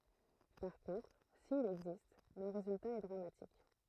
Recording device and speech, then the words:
throat microphone, read sentence
Par contre, s'il existe, le résultat est dramatique.

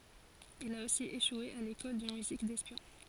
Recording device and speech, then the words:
forehead accelerometer, read sentence
Il a aussi échoué à l'école de musique d'espion.

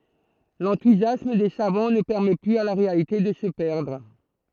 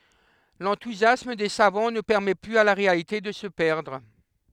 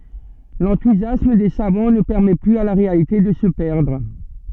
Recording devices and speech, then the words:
throat microphone, headset microphone, soft in-ear microphone, read sentence
L'enthousiasme des savants ne permet plus à la réalité de se perdre.

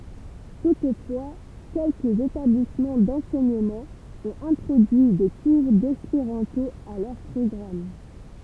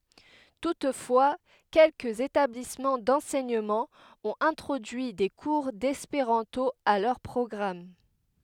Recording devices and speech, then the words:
temple vibration pickup, headset microphone, read sentence
Toutefois quelques établissements d'enseignement ont introduit des cours d'espéranto à leur programme.

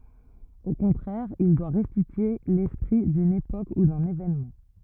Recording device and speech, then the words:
rigid in-ear microphone, read sentence
Au contraire, il doit restituer l’esprit d’une époque ou d’un événement.

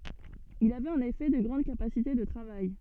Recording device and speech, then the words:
soft in-ear microphone, read sentence
Il avait en effet de grandes capacités de travail.

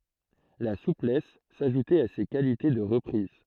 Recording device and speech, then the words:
throat microphone, read sentence
La souplesse s'ajoutait à ses qualités de reprises.

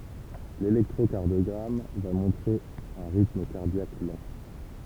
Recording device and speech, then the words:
temple vibration pickup, read sentence
L'électrocardiogramme va montrer un rythme cardiaque lent.

